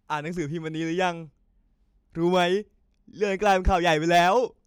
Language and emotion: Thai, happy